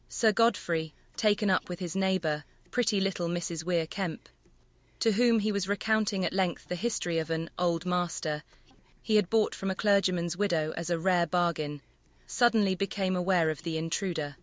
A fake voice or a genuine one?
fake